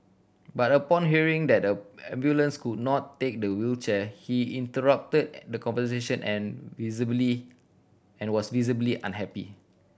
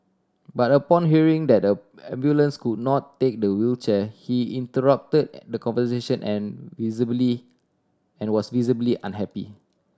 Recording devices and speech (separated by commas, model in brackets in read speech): boundary microphone (BM630), standing microphone (AKG C214), read sentence